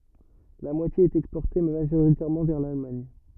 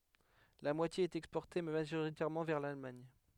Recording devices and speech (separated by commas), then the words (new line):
rigid in-ear microphone, headset microphone, read sentence
La moitié est exportée, majoritairement vers l'Allemagne.